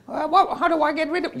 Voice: high voice